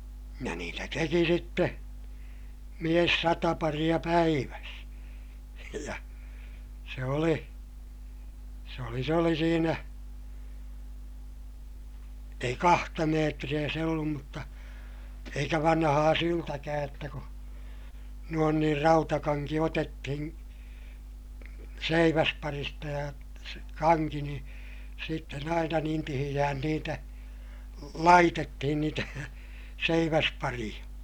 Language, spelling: Finnish, ja niitä teki sitten mies sata paria päivässä ja se oli se oli se oli siinä ei kahta metriä se ollut mutta eikä vanhaa syltäkään jotta kun noin niin rautakanki otettiin seiväsparista ja kanki niin sitten aina niin tiheään niitä laitettiin niitä seiväspareja
- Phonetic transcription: ja niitä teki sitte , mies sata pariʲa päiväs , ja , se oli , se oli s ‿oli siinä , ei kahta meetriʲä se ollum mutta , eikä vanhaa syltäkääj jotta ku , nuon niir rautakaŋki otettihiḭ , seiväsparista ja , kaŋki ni , sitten ‿aina niin tihiʲähän niitä , laitettihin niitä , seiväspariʲa .

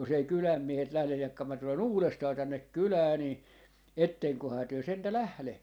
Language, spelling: Finnish, jos ei kylän miehet lähde jahka minä tulen uudestaan tänne kylään niin etteköhän te sentään lähde
- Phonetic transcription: 'jos ‿ei "kyläm 'miehet 'lählej 'jakka mä tule"n ‿uulestaa tännek 'kylää nii , 'etteŋkohaa työ 'sentä "lähle » .

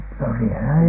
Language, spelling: Finnish, no -
- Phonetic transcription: no si- ,

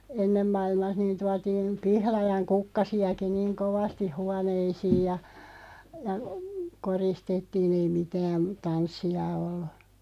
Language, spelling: Finnish, ennen maailmassa niin tuotiin pihlajan kukkasiakin niin kovasti huoneisiin ja ja koristettiin ei mitään tanssia ollut
- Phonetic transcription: ennem 'mailmah niin 'tuatiin , 'pihlajaŋ "kukkasi₍aki 'niiŋ "kovastiʰ 'huaneisiij ja , ja , 'koristettiin̬ ‿ei "mitään̬ , 'tanssi₍a ollᴜ .

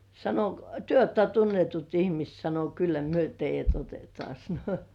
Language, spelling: Finnish, sanoi - te olette tunnetut ihmiset sanoi kyllä me teidät otetaan sanoi
- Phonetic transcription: sano k- » "työ ootta 'tunnetut ihmist « sano » 'kyllä myö "teij̆jät 'otetŏà « sano .

